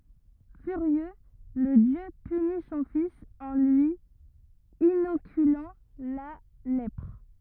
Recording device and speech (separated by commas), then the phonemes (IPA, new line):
rigid in-ear microphone, read sentence
fyʁjø lə djø pyni sɔ̃ fis ɑ̃ lyi inokylɑ̃ la lɛpʁ